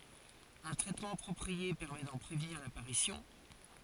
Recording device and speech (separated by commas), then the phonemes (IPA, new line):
forehead accelerometer, read sentence
œ̃ tʁɛtmɑ̃ apʁɔpʁie pɛʁmɛ dɑ̃ pʁevniʁ lapaʁisjɔ̃